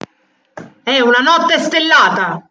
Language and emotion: Italian, angry